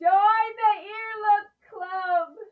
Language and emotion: English, happy